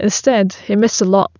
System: none